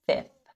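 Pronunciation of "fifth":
'Fifth' is said without the second f sound, so the end of the word has no f before the th.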